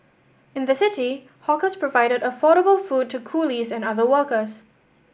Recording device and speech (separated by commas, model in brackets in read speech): boundary microphone (BM630), read sentence